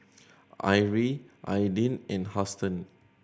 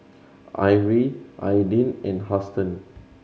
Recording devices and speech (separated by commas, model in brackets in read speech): boundary microphone (BM630), mobile phone (Samsung C7100), read sentence